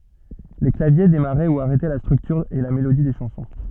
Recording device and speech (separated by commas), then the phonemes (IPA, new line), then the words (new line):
soft in-ear microphone, read sentence
le klavje demaʁɛ u aʁɛtɛ la stʁyktyʁ e la melodi de ʃɑ̃sɔ̃
Les claviers démarraient ou arrêtaient la structure et la mélodie des chansons.